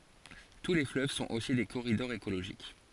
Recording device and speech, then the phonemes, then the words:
forehead accelerometer, read sentence
tu le fløv sɔ̃t osi de koʁidɔʁz ekoloʒik
Tous les fleuves sont aussi des corridors écologiques.

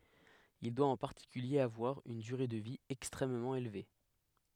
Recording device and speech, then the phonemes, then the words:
headset microphone, read sentence
il dwa ɑ̃ paʁtikylje avwaʁ yn dyʁe də vi ɛkstʁɛmmɑ̃ elve
Il doit en particulier avoir une durée de vie extrêmement élevée.

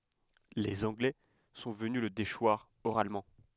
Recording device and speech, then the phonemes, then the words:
headset microphone, read sentence
lez ɑ̃ɡlɛ sɔ̃ vəny lə deʃwaʁ oʁalmɑ̃
Les Anglais sont venus le déchoir oralement.

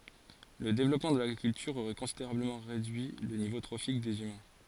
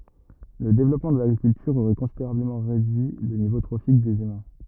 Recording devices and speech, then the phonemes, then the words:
forehead accelerometer, rigid in-ear microphone, read sentence
lə devlɔpmɑ̃ də laɡʁikyltyʁ oʁɛ kɔ̃sideʁabləmɑ̃ ʁedyi lə nivo tʁofik dez ymɛ̃
Le développement de l'agriculture aurait considérablement réduit le niveau trophique des humains.

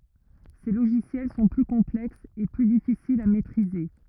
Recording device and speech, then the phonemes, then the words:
rigid in-ear microphone, read sentence
se loʒisjɛl sɔ̃ ply kɔ̃plɛksz e ply difisilz a mɛtʁize
Ces logiciels sont plus complexes et plus difficiles à maitriser.

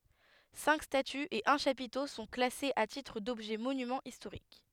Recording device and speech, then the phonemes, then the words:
headset microphone, read sentence
sɛ̃k statyz e œ̃ ʃapito sɔ̃ klasez a titʁ dɔbʒɛ monymɑ̃z istoʁik
Cinq statues et un chapiteau sont classés à titre d'objets monuments historiques.

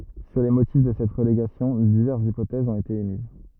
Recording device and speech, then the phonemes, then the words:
rigid in-ear microphone, read sentence
syʁ le motif də sɛt ʁəleɡasjɔ̃ divɛʁsz ipotɛzz ɔ̃t ete emiz
Sur les motifs de cette relégation, diverses hypothèses ont été émises.

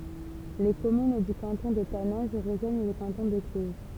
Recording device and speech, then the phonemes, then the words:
temple vibration pickup, read sentence
le kɔmyn dy kɑ̃tɔ̃ də tanɛ̃ʒ ʁəʒwaɲ lə kɑ̃tɔ̃ də klyz
Les communes du canton de Taninges rejoignent le canton de Cluses.

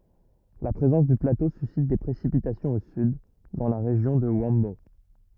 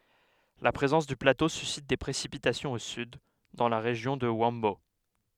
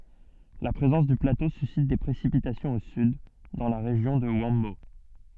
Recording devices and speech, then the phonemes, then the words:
rigid in-ear microphone, headset microphone, soft in-ear microphone, read sentence
la pʁezɑ̃s dy plato sysit de pʁesipitasjɔ̃z o syd dɑ̃ la ʁeʒjɔ̃ də yɑ̃bo
La présence du plateau suscite des précipitations au sud, dans la région de Huambo.

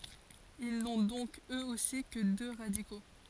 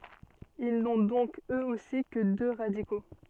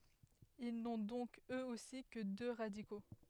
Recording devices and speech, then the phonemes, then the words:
forehead accelerometer, soft in-ear microphone, headset microphone, read sentence
il nɔ̃ dɔ̃k øz osi kə dø ʁadiko
Ils n'ont donc eux aussi que deux radicaux.

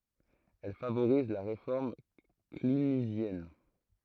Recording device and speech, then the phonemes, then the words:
throat microphone, read sentence
ɛl favoʁiz la ʁefɔʁm klynizjɛn
Elle favorise la réforme clunisienne.

